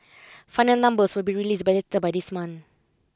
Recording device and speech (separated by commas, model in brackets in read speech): close-talking microphone (WH20), read sentence